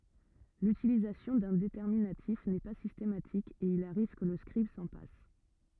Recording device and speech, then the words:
rigid in-ear microphone, read sentence
L'utilisation d'un déterminatif n'est pas systématique, et il arrive que le scribe s'en passe.

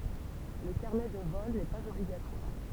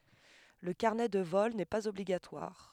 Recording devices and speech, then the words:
temple vibration pickup, headset microphone, read sentence
Le carnet de vol n'est pas obligatoire.

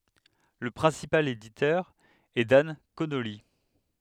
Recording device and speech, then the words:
headset microphone, read sentence
Le principal éditeur est Dan Connolly.

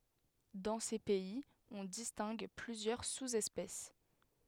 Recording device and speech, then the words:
headset microphone, read sentence
Dans ces pays, on distingue plusieurs sous-espèces.

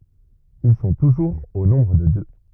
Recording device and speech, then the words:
rigid in-ear microphone, read sentence
Ils sont toujours au nombre de deux.

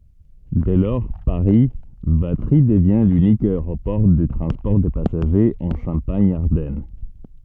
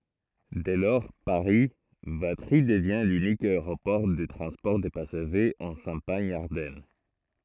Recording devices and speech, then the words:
soft in-ear microphone, throat microphone, read sentence
Dès lors, Paris - Vatry devient l'unique aéroport de transport de passagers en Champagne-Ardenne.

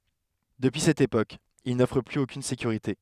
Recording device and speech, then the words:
headset microphone, read sentence
Depuis cette époque, il n‘offre plus aucune sécurité.

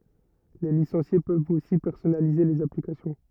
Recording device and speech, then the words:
rigid in-ear microphone, read sentence
Les licenciés peuvent aussi personnaliser les applications.

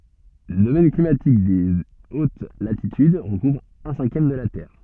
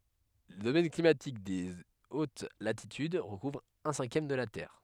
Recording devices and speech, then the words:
soft in-ear microphone, headset microphone, read sentence
Le domaine climatique des hautes latitudes recouvre un cinquième de la Terre.

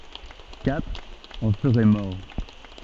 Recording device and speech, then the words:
soft in-ear microphone, read sentence
Quatre en seraient morts.

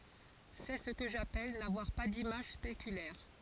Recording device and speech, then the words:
forehead accelerometer, read sentence
C'est ce que j'appelle n'avoir pas d'image spéculaire.

